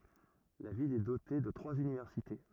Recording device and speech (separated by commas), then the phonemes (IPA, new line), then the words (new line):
rigid in-ear microphone, read sentence
la vil ɛ dote də tʁwaz ynivɛʁsite
La ville est dotée de trois universités.